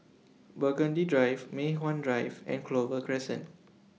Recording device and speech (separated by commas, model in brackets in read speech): mobile phone (iPhone 6), read sentence